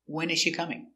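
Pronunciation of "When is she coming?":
In 'When is she coming?', the stress is on 'When', and the intonation goes down.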